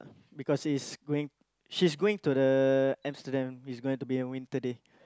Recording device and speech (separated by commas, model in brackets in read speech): close-talking microphone, conversation in the same room